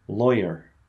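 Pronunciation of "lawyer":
'lawyer' is said the American English way, with a slight R sound at the end.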